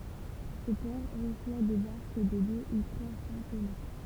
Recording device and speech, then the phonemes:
temple vibration pickup, read sentence
sə pɔʁ ʁəswa de baʁk də dø u tʁwa sɑ̃ tɔno

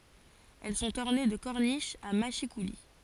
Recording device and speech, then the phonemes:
forehead accelerometer, read sentence
ɛl sɔ̃t ɔʁne də kɔʁniʃz a maʃikuli

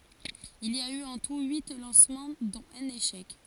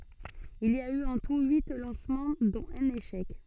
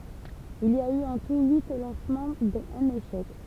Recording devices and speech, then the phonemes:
forehead accelerometer, soft in-ear microphone, temple vibration pickup, read sentence
il i a y ɑ̃ tu yi lɑ̃smɑ̃ dɔ̃t œ̃n eʃɛk

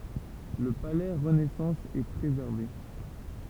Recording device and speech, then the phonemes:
temple vibration pickup, read sentence
lə palɛ ʁənɛsɑ̃s ɛ pʁezɛʁve

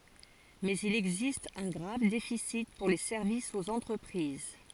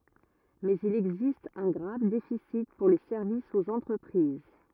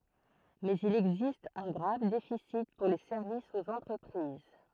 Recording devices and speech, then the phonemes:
forehead accelerometer, rigid in-ear microphone, throat microphone, read sentence
mɛz il ɛɡzist œ̃ ɡʁav defisi puʁ le sɛʁvisz oz ɑ̃tʁəpʁiz

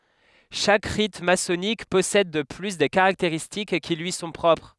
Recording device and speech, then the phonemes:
headset microphone, read sentence
ʃak ʁit masɔnik pɔsɛd də ply de kaʁakteʁistik ki lyi sɔ̃ pʁɔpʁ

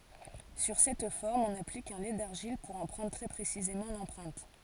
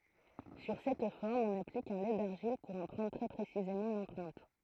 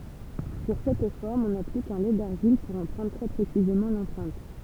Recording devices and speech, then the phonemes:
forehead accelerometer, throat microphone, temple vibration pickup, read sentence
syʁ sɛt fɔʁm ɔ̃n aplik œ̃ lɛ daʁʒil puʁ ɑ̃ pʁɑ̃dʁ tʁɛ pʁesizemɑ̃ lɑ̃pʁɛ̃t

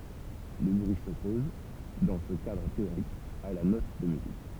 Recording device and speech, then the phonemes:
temple vibration pickup, read sentence
lə bʁyi sɔpɔz dɑ̃ sə kadʁ teoʁik a la nɔt də myzik

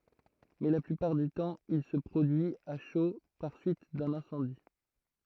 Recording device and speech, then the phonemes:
throat microphone, read sentence
mɛ la plypaʁ dy tɑ̃ il sə pʁodyi a ʃo paʁ syit dœ̃n ɛ̃sɑ̃di

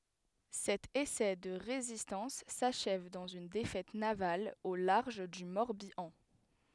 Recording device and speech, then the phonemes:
headset microphone, read sentence
sɛt esɛ də ʁezistɑ̃s saʃɛv dɑ̃z yn defɛt naval o laʁʒ dy mɔʁbjɑ̃

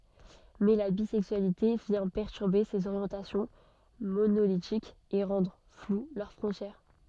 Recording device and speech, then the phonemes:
soft in-ear microphone, read sentence
mɛ la bizɛksyalite vjɛ̃ pɛʁtyʁbe sez oʁjɑ̃tasjɔ̃ monolitikz e ʁɑ̃dʁ flw lœʁ fʁɔ̃tjɛʁ

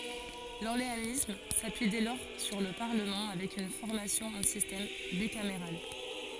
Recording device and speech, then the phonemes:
forehead accelerometer, read sentence
lɔʁleanism sapyi dɛ lɔʁ syʁ lə paʁləmɑ̃ avɛk yn fɔʁmasjɔ̃ ɑ̃ sistɛm bikameʁal

